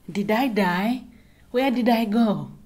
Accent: in Kenyan accent